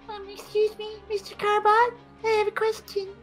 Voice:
high-pitched